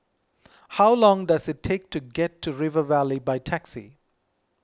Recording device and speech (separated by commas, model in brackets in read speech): close-talking microphone (WH20), read sentence